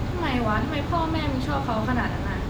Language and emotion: Thai, frustrated